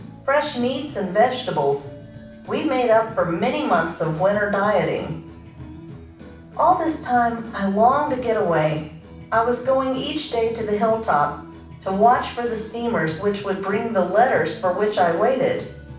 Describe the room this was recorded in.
A moderately sized room (about 5.7 m by 4.0 m).